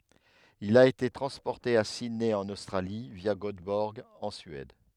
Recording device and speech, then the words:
headset microphone, read sentence
Il a été transporté à Sydney en Australie via Göteborg en Suède.

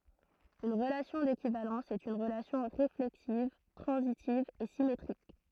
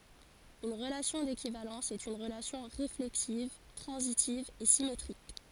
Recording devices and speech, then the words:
throat microphone, forehead accelerometer, read sentence
Une relation d'équivalence est une relation réflexive, transitive et symétrique.

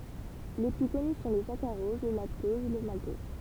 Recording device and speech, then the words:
temple vibration pickup, read sentence
Les plus connus sont le saccharose, le lactose, le maltose.

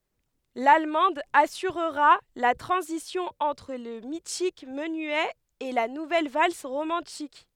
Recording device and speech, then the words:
headset microphone, read sentence
L'allemande assurera la transition entre le mythique menuet et la nouvelle valse romantique.

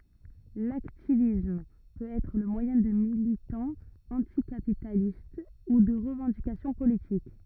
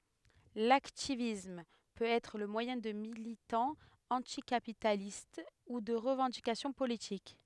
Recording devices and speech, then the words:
rigid in-ear microphone, headset microphone, read sentence
L'hacktivisme peut être le moyen de militants anticapitalistes ou de revendications politiques.

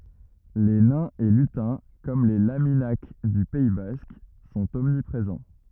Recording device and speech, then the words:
rigid in-ear microphone, read sentence
Les nains et lutins, comme les laminak du Pays basque, sont omniprésents.

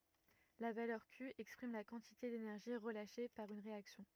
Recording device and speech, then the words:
rigid in-ear microphone, read sentence
La valeur Q exprime la quantité d’énergie relâchée par une réaction.

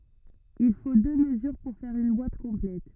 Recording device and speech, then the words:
rigid in-ear microphone, read sentence
Il faut deux mesures pour faire une boite complète.

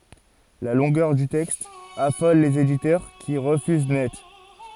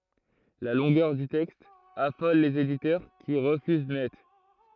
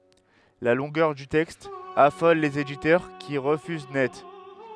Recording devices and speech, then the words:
forehead accelerometer, throat microphone, headset microphone, read sentence
La longueur du texte affole les éditeurs, qui refusent net.

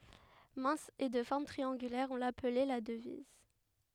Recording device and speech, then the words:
headset microphone, read sentence
Mince et de forme triangulaire, on l'appelait la Devise.

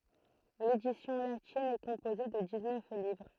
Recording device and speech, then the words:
throat microphone, read sentence
L'édition latine est composée de dix-neuf livres.

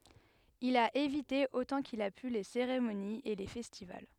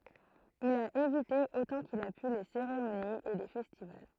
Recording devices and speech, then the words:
headset microphone, throat microphone, read sentence
Il a évité autant qu'il a pu les cérémonies et les festivals.

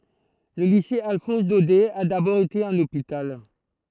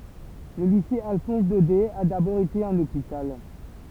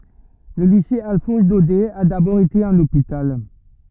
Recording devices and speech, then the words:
throat microphone, temple vibration pickup, rigid in-ear microphone, read sentence
Le lycée Alphonse-Daudet a d'abord été un hôpital.

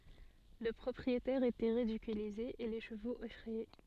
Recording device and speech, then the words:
soft in-ear microphone, read sentence
Le propriétaire était ridiculisé et les chevaux effrayés.

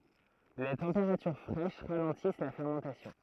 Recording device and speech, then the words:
throat microphone, read sentence
Les températures fraîches ralentissent la fermentation.

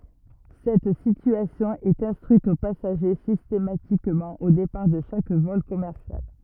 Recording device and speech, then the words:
rigid in-ear microphone, read sentence
Cette situation est instruite aux passagers systématiquement au départ de chaque vol commercial.

